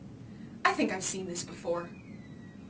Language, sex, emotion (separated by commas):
English, female, neutral